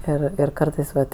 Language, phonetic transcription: Lithuanian, ˈir ir ˈkartais ˈvat

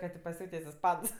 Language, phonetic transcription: Lithuanian, ka tė paˈsiūtės' isˈpans

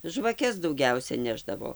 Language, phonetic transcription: Lithuanian, žvaˈkes dauˈgiausia ˈnešdavo

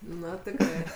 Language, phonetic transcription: Lithuanian, ˈnu tikˈrai

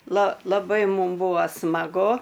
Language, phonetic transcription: Lithuanian, la laˈbai ˈmum ˈbūa smaˈgu

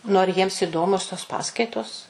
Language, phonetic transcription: Lithuanian, nu ar ˈjiems iˈdomios tos ˈpaskaitos

